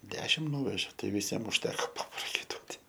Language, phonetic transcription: Lithuanian, ˈdešim ˈnūveže ˈtai viˈsiem užˈteko paprakaiˈtuoti

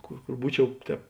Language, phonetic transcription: Lithuanian, ˈkor ˈkor ˈbūˌčiau ˈtēp

